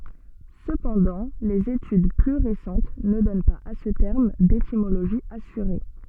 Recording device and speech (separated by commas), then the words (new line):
soft in-ear microphone, read sentence
Cependant, les études plus récentes ne donnent pas à ce terme d'étymologie assurée.